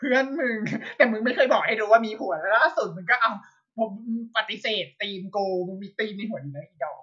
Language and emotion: Thai, happy